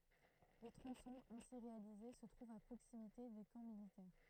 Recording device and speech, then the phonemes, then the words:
throat microphone, read sentence
le tʁɔ̃sɔ̃z ɛ̃si ʁealize sə tʁuvt a pʁoksimite de kɑ̃ militɛʁ
Les tronçons ainsi réalisés se trouvent à proximité des camps militaires.

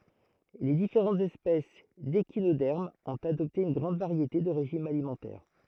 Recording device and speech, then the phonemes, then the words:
throat microphone, read sentence
le difeʁɑ̃tz ɛspɛs deʃinodɛʁmz ɔ̃t adɔpte yn ɡʁɑ̃d vaʁjete də ʁeʒimz alimɑ̃tɛʁ
Les différentes espèces d'échinodermes ont adopté une grande variété de régimes alimentaires.

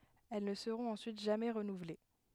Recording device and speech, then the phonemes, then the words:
headset microphone, read sentence
ɛl nə səʁɔ̃t ɑ̃syit ʒamɛ ʁənuvle
Elles ne seront ensuite jamais renouvelées.

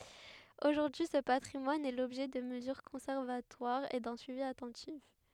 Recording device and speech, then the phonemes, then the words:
headset microphone, read sentence
oʒuʁdyi sə patʁimwan ɛ lɔbʒɛ də məzyʁ kɔ̃sɛʁvatwaʁz e dœ̃ syivi atɑ̃tif
Aujourd'hui, ce patrimoine est l'objet de mesures conservatoires et d'un suivi attentif.

